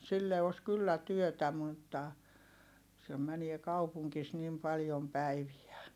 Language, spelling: Finnish, sille olisi kyllä työtä mutta sen menee kaupungissa niin paljon päiviä
- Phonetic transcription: sille os kyllä työtä mutta , sem̆ mänie kaupuŋkis nim paljom päiviä .

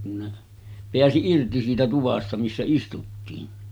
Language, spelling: Finnish, kun ne pääsi irti siitä tuvasta missä istuttiin
- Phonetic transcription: kun ne , 'peäsi 'irti siitä 'tuvasta missä istuttiin .

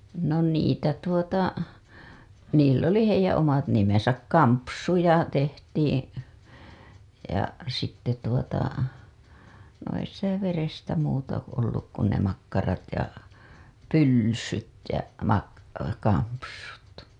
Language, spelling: Finnish, no niitä tuota niillä oli heidän omat nimensä kampsuja tehtiin ja sitten tuota no ei sitä verestä muuta ollut kuin ne makkarat ja pylsyt ja - kampsut
- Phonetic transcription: no niitä tuota , niill ‿oli , heijää̰ omat nimesäk "kampsuja tehtiiḭ , ja , sitte tuota , no ei sitä 'verestä muuta olluk kun ne makkarat , ja , pylsyt ja mak- , kampsut .

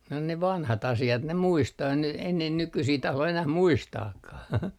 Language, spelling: Finnish, no ne vanhat asiat ne muistaa ei ne ei ne nykyisiä tahdo enää muistaakaan
- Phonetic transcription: no ne "vanhat 'asi₍at ne "muistaa ei ne , ei ne 'nykysii 'tahlo enäh "muistaakkah .

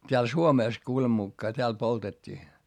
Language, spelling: Finnish, täällä Suomessa kuuleman mukaan täällä poltettiin
- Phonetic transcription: t́eäl Suomès kuulem mukkaa t́eäl poltet́t́ii .

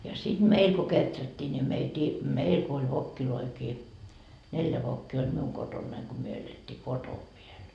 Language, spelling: Finnish, ja sitten meillä kun kehrättiin niin - meillä kun oli vokkejakin neljä vokkia oli minun kotonani kun me elettiin kotona vielä
- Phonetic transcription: ja 'siD "meil ko 'keträttii ni meitii , "meil ko oĺ 'vokkiloikii , 'neljä 'vokkii oĺ "miuŋ 'kotonnaiŋ ko myö elet́t́ii "kotov viel .

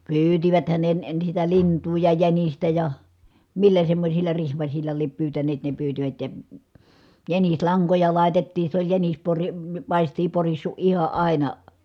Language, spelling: Finnish, pyysiväthän ne ne sitä lintua ja jänistä ja millä semmoisilla rihmasilla lie pyytäneet ne pyysivät ja jänislankoja laitettiin se oli jänis - paistia porissut ihan aina
- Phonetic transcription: pyytiväthän ne (ne) sitä liǹtuu ja jänistä ja , millä semmośilla rihmasiĺla liep pyytäneet ne pyytivät ja , jänislaŋkoja lài̮tettiin̬ se ‿oĺ jänis pori- , pàistii porissu ʼiha ʼàina .

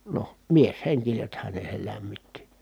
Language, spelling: Finnish, noh mieshenkisethän ne sen lämmitti
- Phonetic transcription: noh , miesheŋkisethän ne sel lämmitti .

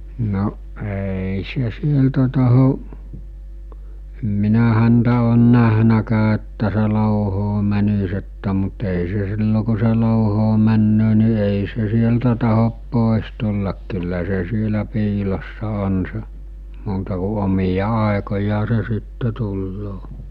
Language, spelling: Finnish, no ei se sieltä tahdo en minä häntä ole nähnytkään että se louhoon menisi että mutta ei se silloin kun se louhoon menee niin ei se sieltä tahdo pois tulla kyllä se siellä piilossa on se muuta kuin omia aikojaan se sitten tulee
- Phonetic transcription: no , èi se 'sieltä taho , em 'minä häntä oon 'nähnäkää että se 'lòuhoo mänis että mut ei se 'sillo ku̬ se 'lòuhoo männöö ni èi se 'sieltä tahop 'pòes 'tullak kyllä se 'sielä 'piilossa 'on se , muuta ku 'omija 'àekojaa se sitte tulloo .

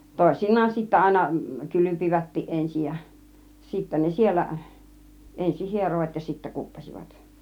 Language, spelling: Finnish, toisinaan sitten aina kylpivätkin ensin ja sitten ne siellä ensin hieroivat ja sitten kuppasivat
- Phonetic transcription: tòisin̆naan sittä 'àina , "kylypivättiˀ 'ˀensij ja , sittä 'ne "siel̆lä , 'ensih "hierovat ja 'sittä "kuppas͕ivat .

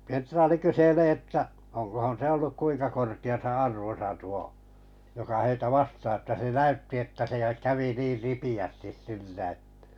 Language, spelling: Finnish, kenraali kyselee että onkohan se ollut kuinka korkeassa arvossa tuo joka heitä vastaan otti että se näytti että se kävi niin ripeästi sillä että
- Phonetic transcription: 'kenᴅraali 'kyselee että , oŋkohon se 'olluk 'kuiŋka korki₍asa "arvosa 'tuo , joka heitä "vastaa ot[ti] [et]tä se 'näytti että se 'kävi 'niir "ripi₍ästis sillä ᵊtᴀ̈ .

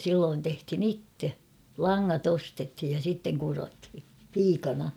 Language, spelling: Finnish, silloin tehtiin itse langat ostettiin ja sitten kudottiin piikana
- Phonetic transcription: 'silloon tehthin ‿"itte , "laŋŋat ‿'ostethij ja 'sitteŋ kurothi , 'piikana .

